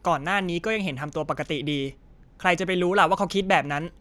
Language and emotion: Thai, frustrated